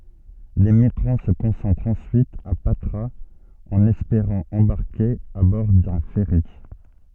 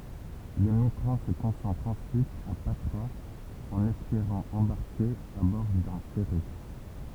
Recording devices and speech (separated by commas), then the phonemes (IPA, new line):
soft in-ear microphone, temple vibration pickup, read sentence
le miɡʁɑ̃ sə kɔ̃sɑ̃tʁt ɑ̃syit a patʁaz ɑ̃n ɛspeʁɑ̃ ɑ̃baʁke a bɔʁ dœ̃ fɛʁi